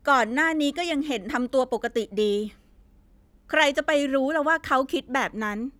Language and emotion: Thai, frustrated